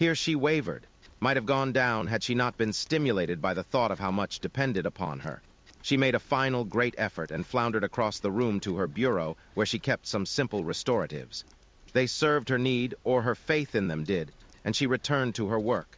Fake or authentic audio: fake